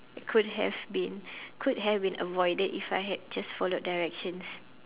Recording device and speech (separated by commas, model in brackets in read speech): telephone, conversation in separate rooms